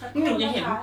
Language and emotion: Thai, neutral